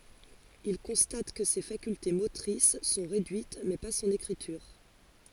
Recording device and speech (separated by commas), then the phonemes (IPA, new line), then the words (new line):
forehead accelerometer, read sentence
il kɔ̃stat kə se fakylte motʁis sɔ̃ ʁedyit mɛ pa sɔ̃n ekʁityʁ
Il constate que ses facultés motrices sont réduites, mais pas son écriture.